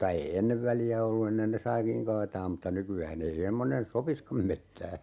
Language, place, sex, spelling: Finnish, Urjala, male, mutta ei ennen väliä ollut ennen ne saikin kaataa mutta nykyään ei semmoinen sopisikaan metsään
- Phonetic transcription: mutta 'ei "ennev 'väli₍ä ollu 'ennen ne "saikiŋ 'kaataam mutta 'nyky₍ää'n ‿ei emmonen "sopiskam 'mettää .

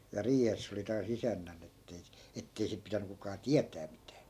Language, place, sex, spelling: Finnish, Askola, male, ja riihessä se oli taas isännän että ei - että ei sitten pitänyt kukaan tietää mitään
- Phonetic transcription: ja 'riihes (se) oli taas 'isännän ‿ettei si- , 'ettei sip̆ 'pitäny kukaa "tiätää mitää .

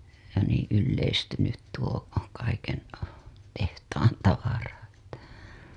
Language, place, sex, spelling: Finnish, Hailuoto, female, ja niin yleistynyt tuo kaiken tehtaan tavara että
- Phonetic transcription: ja niiḭ 'ylleistynyt tuo , kaiken , tehtaan 'tavara , (että) .

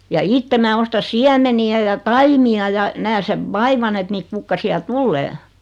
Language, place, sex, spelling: Finnish, Noormarkku, female, ja itse minä ostan siemeniä ja taimia ja näen sen vaivan että niitä kukkasia tulee
- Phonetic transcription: ja 'itte mää osta "siämeni₍ä ja "taimi₍a ja , 'nää sev "vaivan et 'niit kukkasi₍a "tullee .

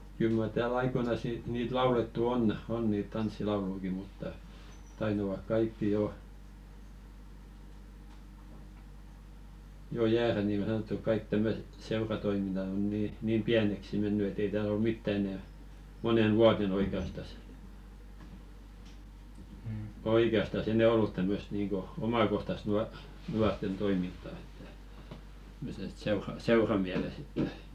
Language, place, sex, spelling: Finnish, Velkua, male, kyllä mar täällä aikoinaan - niitä laulettu on on niitä tanssilaulujakin mutta taitavat kaikki jo jo jäädä niin niin kuin sanottu kaikki tämmöiset seuratoiminnat on niin niin pieneksi mennyt että ei täällä ole mitään enää moneen vuoteen oikeastaan oikeastaan enää ollut tämmöistä niin kuin omakohtaista - nuorten toimintaa että että että - seuramielessä että
- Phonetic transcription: 'kyl mar 'tää"l ‿aikoinas ni- niit 'laulettu "on , 'on niit "tanssilauluiki mutta , 'taitavak "kaikki 'jo , jo 'jäärä nì nìŋɢo sanottuk 'kaik tämmöset "seuratoiminnat ‿on 'nii , niim "piäneksi 'menny et ‿ei tääl ‿ol "mitta 'enɛ , "monen "vuaten 'oike₍astas , "oike₍astas 'enɛ ollut tämmösᵗ niiŋko , 'omakohtast nua- "nuart̆ten 'toiminta että , (ᵉᵗ ‿et) seura- "seu-ramiäles ‿että .

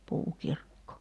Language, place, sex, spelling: Finnish, Kerimäki, female, puukirkko
- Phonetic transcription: 'puukirkko .

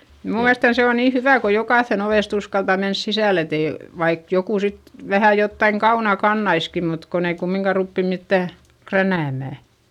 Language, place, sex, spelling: Finnish, Eurajoki, female, minun mielestäni se on niin hyvä kun jokaisen ovesta uskaltaa mennä sisälle että ei vaikka joku sitten vähän jotakin kaunaa kantaisikin mutta kun ei kumminkaan rupea mitään kränäämään
- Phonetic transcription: mnuu miälestän se on nii hyvä̀ ko jokàϑϑen ‿ovèst ‿uskalta mens sisä̀l ‿et ‿ei , vaik jokù sit , vähä jottaiŋ kauna kannaiski mut kon ‿ei kummiŋka ruppi mittä̀ , kränä̀mä̀ .

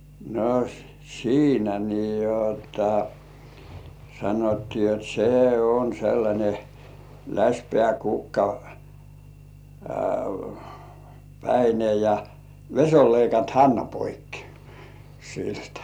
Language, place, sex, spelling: Finnish, Kurkijoki, male, no siinä niin jotta sanottiin jotta se on sellainen läsipää - kukkapäinen ja vesi oli leikannut hännän poikki siltä
- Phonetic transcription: no , 'siinä nii 'jotta , 'sanottii jot "se on sellańe , 'läśpĕä̀ kukka- , "-päine ja , 'veś ‿ol leikant "hännä poikki , siltᴀ̈ .

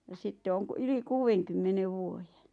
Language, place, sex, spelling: Finnish, Lappajärvi, female, ja sitten on - yli kuudenkymmenen vuoden
- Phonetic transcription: ja 'sitte oŋ k- , 'yli "kuuʷeŋkymmenev "vuoje .

